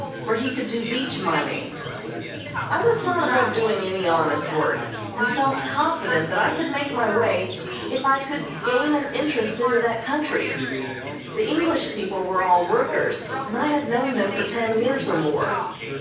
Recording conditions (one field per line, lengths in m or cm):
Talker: one person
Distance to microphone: 9.8 m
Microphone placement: far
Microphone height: 1.8 m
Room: large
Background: babble